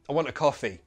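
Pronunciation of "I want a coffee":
In 'I want a coffee', 'want' and 'coffee' are stressed, while 'I' and 'a' are weak forms that sound like a schwa.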